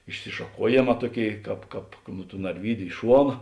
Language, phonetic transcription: Lithuanian, išsišaˈkuojėˌmā ˈtuoˌkėi ˈkāp ˈkāp nu tų narˈvydiu i ˈšuona

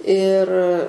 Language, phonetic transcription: Lithuanian, ir

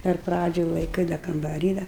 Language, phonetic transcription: Lithuanian, ir ˈpradžioj laiˈkɨi da kambaˈry da

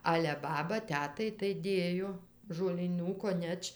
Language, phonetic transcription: Lithuanian, ˈale ˈbaba ˈtetai tai ˈdėjo žolyˈnų koˈneč

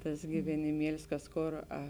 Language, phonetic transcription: Lithuanian, ˈtas giveniˈmielis ˈkas ˈkor a

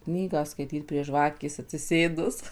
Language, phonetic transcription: Lithuanian, ˈknygą skaiˈtyt prie ˈžvakės atsiˈsėdus

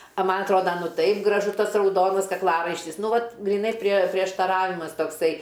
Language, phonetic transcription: Lithuanian, a ˈman' atˈroda ˈtaip graˈžu ˈtas rauˈdonas kakˈlaraištis ˈnu ˈvat gryˈnai prie prieštaˈravimas tokˈsai

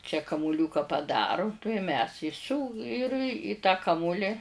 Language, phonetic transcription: Lithuanian, čia kamuˈliūka paˈdaru tuoj mes i siū ir i tą ˈkamuli

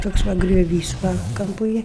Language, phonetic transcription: Lithuanian, ˈtoks ˈva grioˈvys va ˈkampu ˈėj

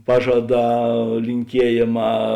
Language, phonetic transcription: Lithuanian, ˈpažaˌdā linˈkiejėˌmā

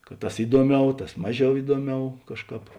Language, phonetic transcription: Lithuanian, kad ˈtas ˈiduoˌmiau ˈtas ˈmaˌžiau ˈiduoˌmiau ˈkažˌkāp

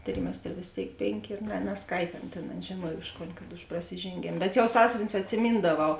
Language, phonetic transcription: Lithuanian, ˈtrimestre vės ˈtėik ˈpėnˌkė ˈyr ne nesˈkaitė ˈana tėn ˈana žėˈnuoj ˈuž ˌkon kad už prasižėnˈgėm bet jau ˈsąsiuvinius atsiˈmyndaˌvau

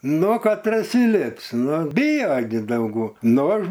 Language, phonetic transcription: Lithuanian, ˈnu katˈras įˈlips ˈnu ˈbijo gi dauˈgu ˈnu ˈaš

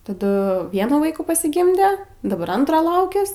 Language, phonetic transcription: Lithuanian, taˈdu ˈvienų ˈvaikų pasiˈgimde daˈbar ˈantro ˈlaukias

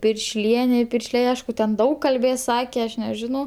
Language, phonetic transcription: Lithuanian, piršˈliene i ˈpiršliai ˈaišku ten ˈdaug kalˈbės ˈsake ˈaš neˈžinau

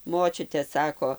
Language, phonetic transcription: Lithuanian, ˈmočiute ˈsako

